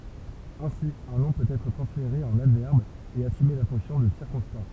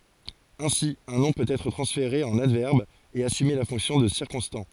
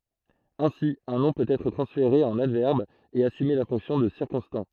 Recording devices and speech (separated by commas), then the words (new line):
temple vibration pickup, forehead accelerometer, throat microphone, read sentence
Ainsi, un nom peut être transféré en adverbe et assumer la fonction de circonstant.